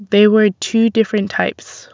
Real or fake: real